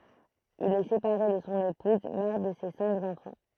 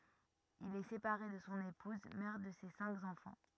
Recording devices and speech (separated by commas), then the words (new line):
throat microphone, rigid in-ear microphone, read sentence
Il est séparé de son épouse, mère de ses cinq enfants.